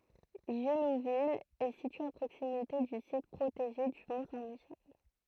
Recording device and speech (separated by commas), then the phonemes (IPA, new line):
throat microphone, read sentence
ʒyluvil ɛ sitye a pʁoksimite dy sit pʁoteʒe dy mɔ̃ sɛ̃ miʃɛl